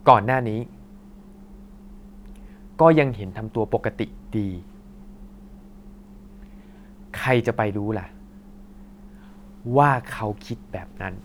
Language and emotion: Thai, frustrated